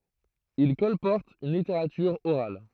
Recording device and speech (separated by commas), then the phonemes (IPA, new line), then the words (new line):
throat microphone, read sentence
il kɔlpɔʁtt yn liteʁatyʁ oʁal
Ils colportent une littérature orale.